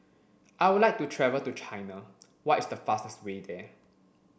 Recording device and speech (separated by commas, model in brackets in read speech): boundary microphone (BM630), read sentence